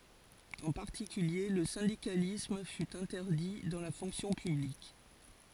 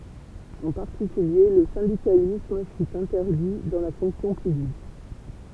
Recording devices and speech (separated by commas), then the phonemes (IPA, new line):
forehead accelerometer, temple vibration pickup, read sentence
ɑ̃ paʁtikylje lə sɛ̃dikalism fy ɛ̃tɛʁdi dɑ̃ la fɔ̃ksjɔ̃ pyblik